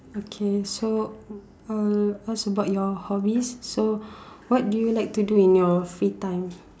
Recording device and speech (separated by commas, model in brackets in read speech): standing microphone, conversation in separate rooms